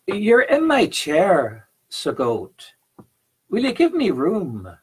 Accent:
Irish accent